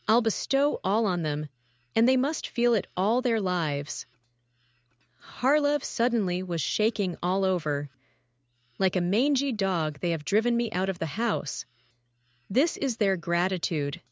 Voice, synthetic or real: synthetic